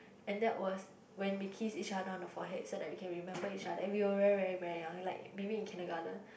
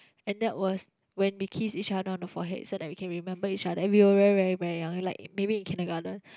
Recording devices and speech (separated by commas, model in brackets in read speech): boundary microphone, close-talking microphone, conversation in the same room